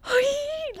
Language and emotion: Thai, happy